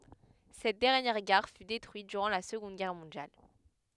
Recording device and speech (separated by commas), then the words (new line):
headset microphone, read sentence
Cette dernière gare fut détruite durant la Seconde Guerre mondiale.